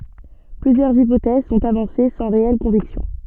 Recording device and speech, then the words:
soft in-ear microphone, read sentence
Plusieurs hypothèses sont avancées sans réelles convictions.

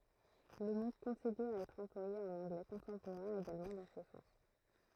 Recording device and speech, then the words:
throat microphone, read sentence
Le mot continue à être employé en anglais contemporain également dans ce sens.

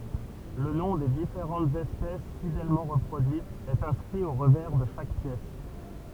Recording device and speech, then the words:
temple vibration pickup, read sentence
Le nom des différentes espèces, fidèlement reproduites, est inscrit au revers de chaque pièce.

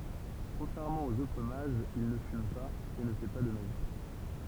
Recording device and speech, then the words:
temple vibration pickup, read sentence
Contrairement aux autres mages, il ne fume pas, et ne fait pas de magie.

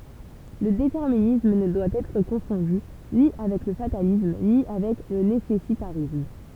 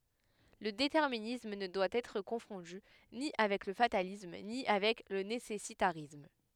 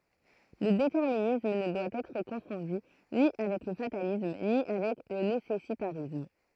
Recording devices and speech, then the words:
temple vibration pickup, headset microphone, throat microphone, read sentence
Le déterminisme ne doit être confondu ni avec le fatalisme ni avec le nécessitarisme.

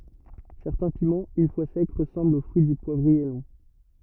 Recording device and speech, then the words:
rigid in-ear microphone, read sentence
Certains piments, une fois secs, ressemblent au fruit du poivrier long.

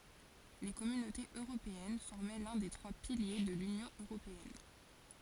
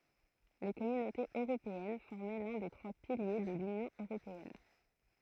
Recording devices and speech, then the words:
forehead accelerometer, throat microphone, read sentence
Les Communautés européennes formaient l'un des trois piliers de l'Union européenne.

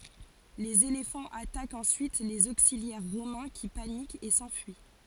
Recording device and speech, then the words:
forehead accelerometer, read sentence
Les éléphants attaquent ensuite les auxiliaires romains qui paniquent et s'enfuient.

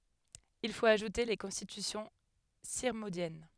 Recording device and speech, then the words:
headset microphone, read sentence
Il faut ajouter les Constitutions sirmondiennes.

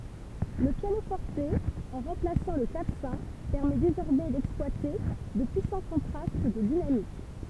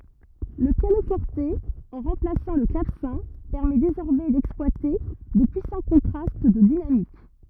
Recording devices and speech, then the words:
temple vibration pickup, rigid in-ear microphone, read sentence
Le piano-forte, en remplaçant le clavecin, permet désormais d'exploiter de puissants contrastes de dynamique.

